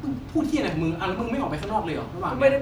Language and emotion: Thai, frustrated